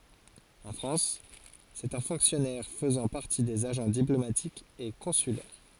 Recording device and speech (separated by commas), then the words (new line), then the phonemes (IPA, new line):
forehead accelerometer, read sentence
En France, c’est un fonctionnaire faisant partie des agents diplomatiques et consulaires.
ɑ̃ fʁɑ̃s sɛt œ̃ fɔ̃ksjɔnɛʁ fəzɑ̃ paʁti dez aʒɑ̃ diplomatikz e kɔ̃sylɛʁ